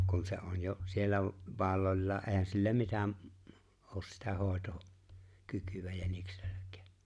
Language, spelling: Finnish, kun se on jo siellä valollaan eihän sillä mitä ole sitä hoitaa kykyä jänikselläkään
- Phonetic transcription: kun se '’on 'jo’ , siellä’ , 'valoĺ́laa ’eehän sillä 'mitä’ , '’oos sitä 'hòeto’ , 'kykyvä 'jäniksᴇʟʟᴀ̈k̀̀ᴀ̈ᴀ̈ .

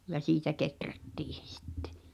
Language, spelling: Finnish, ja siitä kehrättiin se sitten
- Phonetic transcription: ja 'siitä "keträttii sᴇ sɪttᴇ .

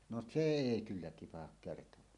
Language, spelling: Finnish, no se ei kyllä tipahda kertaakaan
- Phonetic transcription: no "se "èi 'kyllä tipahak 'kertowaa .

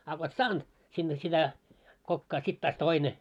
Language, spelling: Finnish, a kun et saanut sinne sitä kokkaan sitten taas toinen
- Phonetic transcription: a ko et "saanᴅ , 'sinne sitä , 'kokkaa 'sit taas "toine .

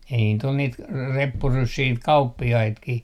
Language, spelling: Finnish, ei niitä oli niitä - reppuryssiä niitä kauppiaitakin
- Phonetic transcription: ei niit ‿ol niit ka- , 'reppuryssii niit 'kauppi₍aitkih .

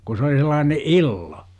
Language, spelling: Finnish, kun se oli sellainen illo
- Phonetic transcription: ku se oli sel̆laane "illo .

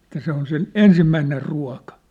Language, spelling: Finnish, että se on sen ensimmäinen ruoka
- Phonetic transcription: että se ‿on sen "ensimmäiner "rua̭ka .

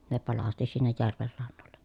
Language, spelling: Finnish, ne palasti sinne järven rannoille
- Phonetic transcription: ne palasti sinnej järver rannolle .

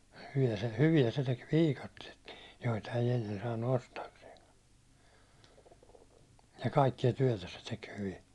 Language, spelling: Finnish, hyviä hyviä se teki viikatteetkin joita ei ennen saanut ostaakseen ja kaikkia työtä se teki hyvin
- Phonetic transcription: hyvi₍ä- 'hyvi₍ä se tek "viikattietkin̬ , joita ei ennen saannu 'ostaakseeŋkᴀ , ja 'kaikki₍a 'tyäₒtä se tek hyvi .

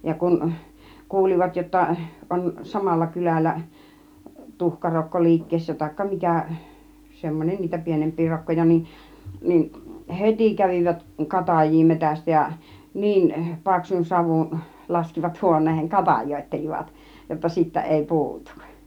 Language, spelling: Finnish, ja kun kuulivat jotta on samalla kylällä tuhkarokko liikkeessä tai mikä semmoinen niitä pienempiä rokkoja niin niin heti kävivät katajia metsästä ja niin paksun savun laskivat huoneeseen katajoittelivat jotta siitä ei puutu
- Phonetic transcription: ja 'kun , 'kuulivat jotta , 'on 'samalla 'kyläl̆lä 'tuhkarokko 'liikkeessä taikka 'mikä̀ , 'semmon͕en niitä 'pienemp̆pii 'rokkoja nin , nin "hetì 'kävivät 'kataj̆jii 'metästä ja , "niin , "paksun 'savun , 'laskivat 'huon̆neehen 'katajòittelivat jotta 'siittä èi 'pu̬utUk .

